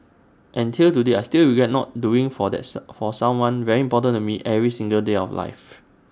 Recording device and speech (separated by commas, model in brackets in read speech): standing microphone (AKG C214), read sentence